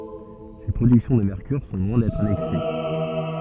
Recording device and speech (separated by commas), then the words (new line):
soft in-ear microphone, read sentence
Ces productions de mercure sont loin d'être annexes.